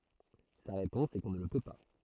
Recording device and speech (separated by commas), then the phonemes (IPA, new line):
throat microphone, read sentence
sa ʁepɔ̃s ɛ kɔ̃ nə lə pø pa